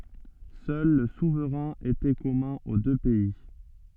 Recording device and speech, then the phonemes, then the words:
soft in-ear microphone, read sentence
sœl lə suvʁɛ̃ etɛ kɔmœ̃ o dø pɛi
Seul le souverain était commun aux deux pays.

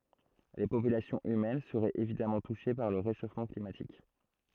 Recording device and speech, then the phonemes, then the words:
throat microphone, read sentence
le popylasjɔ̃z ymɛn səʁɛt evidamɑ̃ tuʃe paʁ lə ʁeʃofmɑ̃ klimatik
Les populations humaines seraient évidemment touchées par le réchauffement climatique.

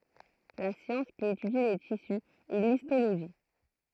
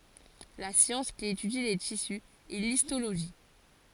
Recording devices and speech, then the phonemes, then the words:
throat microphone, forehead accelerometer, read sentence
la sjɑ̃s ki etydi le tisy ɛ listoloʒi
La science qui étudie les tissus est l'histologie.

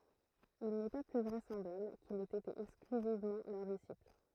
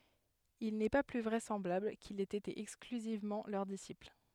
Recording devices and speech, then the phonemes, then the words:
throat microphone, headset microphone, read sentence
il nɛ pa ply vʁɛsɑ̃blabl kil ɛt ete ɛksklyzivmɑ̃ lœʁ disipl
Il n'est pas plus vraisemblable qu'il ait été exclusivement leur disciple.

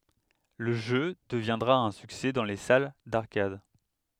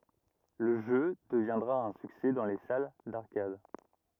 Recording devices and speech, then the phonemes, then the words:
headset microphone, rigid in-ear microphone, read sentence
lə ʒø dəvjɛ̃dʁa œ̃ syksɛ dɑ̃ le sal daʁkad
Le jeu deviendra un succès dans les salles d'arcades.

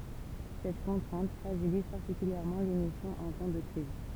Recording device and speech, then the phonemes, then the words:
temple vibration pickup, read sentence
sɛt kɔ̃tʁɛ̃t fʁaʒiliz paʁtikyljɛʁmɑ̃ lemisjɔ̃ ɑ̃ tɑ̃ də kʁiz
Cette contrainte fragilise particulièrement l’émission en temps de crise.

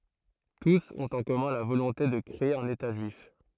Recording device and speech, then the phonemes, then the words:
throat microphone, read sentence
tus ɔ̃t ɑ̃ kɔmœ̃ la volɔ̃te də kʁee œ̃n eta ʒyif
Tous ont en commun la volonté de créer un État juif.

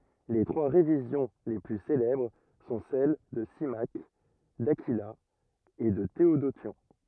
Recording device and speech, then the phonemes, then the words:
rigid in-ear microphone, read sentence
le tʁwa ʁevizjɔ̃ le ply selɛbʁ sɔ̃ sɛl də simak dakila e də teodosjɔ̃
Les trois révisions les plus célèbres sont celles de Symmaque, d'Aquila et de Théodotion.

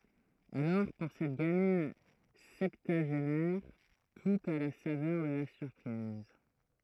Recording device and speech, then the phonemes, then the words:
throat microphone, read sentence
alɔʁ puʁ sɛt ɡamin sɛptyaʒenɛʁ tut a la savœʁ də la syʁpʁiz
Alors pour cette gamine septuagénaire, tout a la saveur de la surprise.

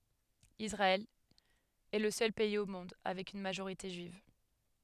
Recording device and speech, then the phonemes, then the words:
headset microphone, read sentence
isʁaɛl ɛ lə sœl pɛiz o mɔ̃d avɛk yn maʒoʁite ʒyiv
Israël est le seul pays au monde avec une majorité juive.

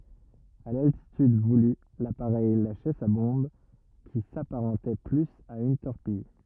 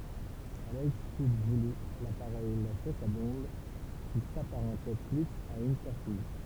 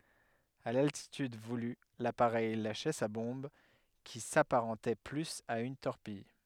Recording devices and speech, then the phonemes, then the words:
rigid in-ear microphone, temple vibration pickup, headset microphone, read sentence
a laltityd vuly lapaʁɛj laʃɛ sa bɔ̃b ki sapaʁɑ̃tɛ plyz a yn tɔʁpij
À l'altitude voulue, l'appareil lâchait sa bombe, qui s'apparentait plus à une torpille.

